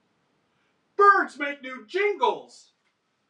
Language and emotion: English, happy